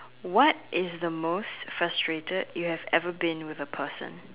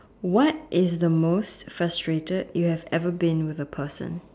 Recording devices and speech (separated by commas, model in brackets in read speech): telephone, standing microphone, conversation in separate rooms